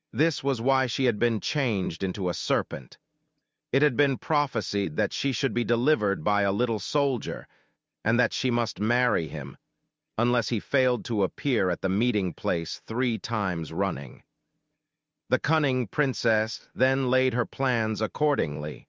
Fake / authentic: fake